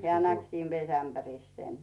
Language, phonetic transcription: Finnish, heä̀ 'näk siin "vesämpäris sen .
- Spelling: hän näki siinä vesiämpärissä sen

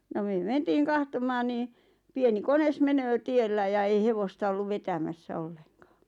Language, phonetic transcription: Finnish, no 'myö "mentiin̬ 'kahtomaan nii , 'pieni "kones 'menöö 'tiellä ja ei 'hevosta olluv 'vetämässä 'olleŋkᴀᴀ .
- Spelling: no me mentiin katsomaan niin pieni kone menee tiellä ja ei hevosta ollut vetämässä ollenkaan

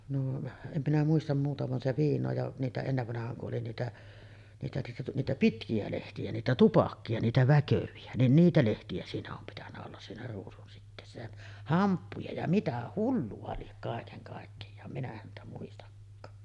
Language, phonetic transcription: Finnish, noo , 'em minä muistam 'muuta van se 'viiǹoo ja’ , niitä 'ennevvanah̀aaŋ ku’ ’oli 'niitä , niitä niitä niitä "pitki₍ä 'lehti₍ä , 'niitä "tupakki₍a niitä 'väkövi₍ä , nin 'niitä lehti₍ä siinä om pitännä ollas siinä 'ruusunsitteessä jä , 'hamppuja ja mitä "hullu₍a liek kàekeŋ kàekkejaa , minä häntä muistakkaa .
- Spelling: noo en minä muista muuta vaan se viinaa ja niitä ennen vanhaan kun oli niitä niitä niitä niitä pitkiä lehtiä niitä tupakoita niitä väkeviä niin niitä lehtiä siinä on pitänyt olla siinä ruusunsiteessä ja hamppuja ja mitä hullua lie kaiken kaikkiaan minä häntä muistakaan

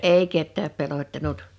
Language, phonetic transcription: Finnish, 'èi 'kettääp 'pelottanut .
- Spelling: ei ketään pelottanut

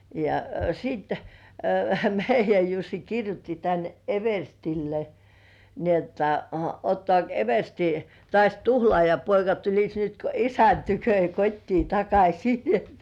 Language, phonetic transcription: Finnish, ja , siit , 'meij̆jäj Jussi 'kirjutti tän "everstille , ni ‿otta , » 'ottŏ§àk "eversti , 'tŏàś "tuhlŏàjapoika tuliś nyt ko 'isän tykö ja "kot́tii 'takaśi « .
- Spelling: ja sitten meidän Jussi kirjoitti tänne everstille niin jotta ottaako eversti taas tuhlaajapoika tulisi nyt kuin isän tykö ja kotiin takaisin

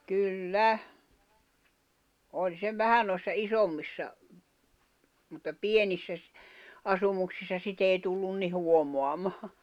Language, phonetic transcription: Finnish, kyl"lä , 'oĺ se 'vähä nòi̬ssa "isommissa , mutta "pienissä ‿s- , 'asumuksissa 'sit ‿èi tullun ni 'huomoamaa .
- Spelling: kyllä oli se vähän noissa isommissa mutta pienissä - asumuksissa sitä ei tullut niin huomaamaan

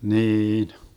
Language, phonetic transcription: Finnish, 'niin .
- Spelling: niin

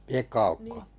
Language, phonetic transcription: Finnish, 'Piekko₍Aukko ?
- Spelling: Piekko-Aukko

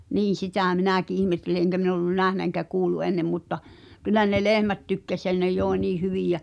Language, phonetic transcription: Finnish, 'niin̬ 'sitä̀ 'minä̀ki ’ihmetteli eŋkä min ‿ollun "nähnä eŋkä 'kuullu "ennem mutta , 'kyl̆lä ne "lehmät tykkäs jä ne 'jòi̬ nii "hyvìj jä ,.
- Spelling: niin sitä minäkin ihmettelin enkä minä ollut nähnyt enkä kuullut ennen mutta kyllä ne lehmät tykkäsi ja ne joi niin hyvin ja

